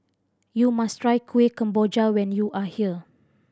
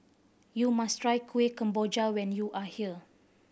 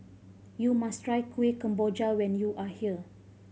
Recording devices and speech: standing microphone (AKG C214), boundary microphone (BM630), mobile phone (Samsung C5010), read sentence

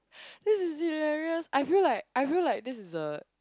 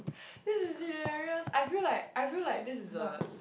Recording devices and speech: close-talking microphone, boundary microphone, conversation in the same room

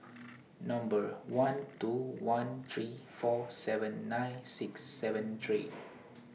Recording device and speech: mobile phone (iPhone 6), read sentence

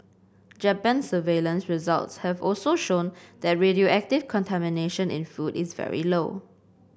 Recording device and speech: boundary microphone (BM630), read sentence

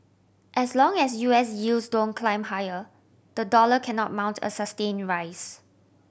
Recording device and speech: boundary microphone (BM630), read sentence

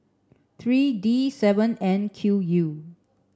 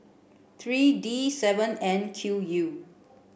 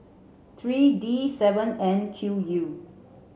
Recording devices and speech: standing microphone (AKG C214), boundary microphone (BM630), mobile phone (Samsung C7), read sentence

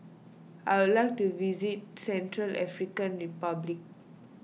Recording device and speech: mobile phone (iPhone 6), read sentence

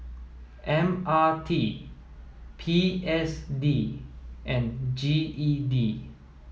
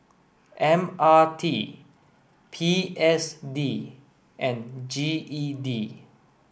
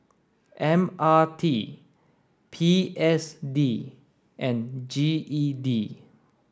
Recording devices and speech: mobile phone (iPhone 7), boundary microphone (BM630), standing microphone (AKG C214), read sentence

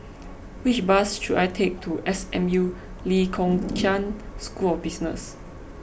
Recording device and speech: boundary microphone (BM630), read sentence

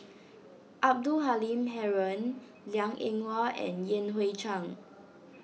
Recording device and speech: mobile phone (iPhone 6), read sentence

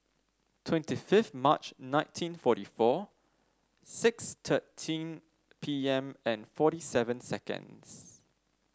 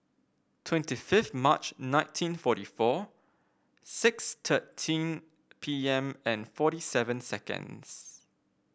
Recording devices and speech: standing microphone (AKG C214), boundary microphone (BM630), read sentence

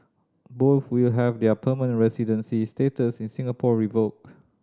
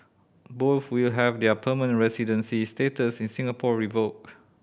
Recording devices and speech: standing microphone (AKG C214), boundary microphone (BM630), read sentence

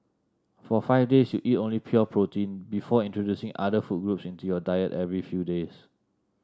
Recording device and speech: standing microphone (AKG C214), read sentence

